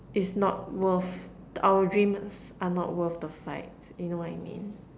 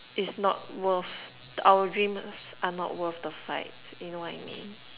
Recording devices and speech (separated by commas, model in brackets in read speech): standing microphone, telephone, conversation in separate rooms